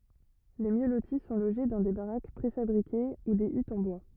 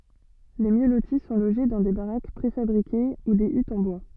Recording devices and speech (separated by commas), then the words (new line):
rigid in-ear microphone, soft in-ear microphone, read sentence
Les mieux lotis sont logés dans des baraques préfabriquées ou des huttes en bois.